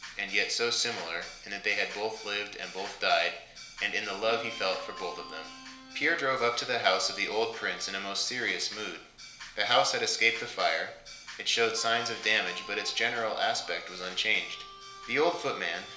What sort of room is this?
A compact room.